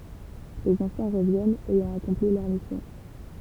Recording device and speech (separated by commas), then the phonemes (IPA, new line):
temple vibration pickup, read sentence
lez ɑ̃fɑ̃ ʁəvjɛnt ɛjɑ̃ akɔ̃pli lœʁ misjɔ̃